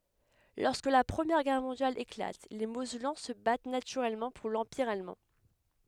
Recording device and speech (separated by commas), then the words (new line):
headset microphone, read sentence
Lorsque la Première Guerre mondiale éclate, les Mosellans se battent naturellement pour l’Empire allemand.